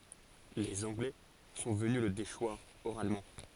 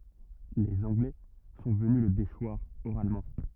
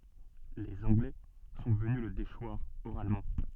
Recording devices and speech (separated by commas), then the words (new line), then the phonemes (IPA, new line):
forehead accelerometer, rigid in-ear microphone, soft in-ear microphone, read sentence
Les Anglais sont venus le déchoir oralement.
lez ɑ̃ɡlɛ sɔ̃ vəny lə deʃwaʁ oʁalmɑ̃